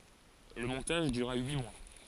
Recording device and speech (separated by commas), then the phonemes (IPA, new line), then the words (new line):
forehead accelerometer, read sentence
lə mɔ̃taʒ dyʁa yi mwa
Le montage dura huit mois.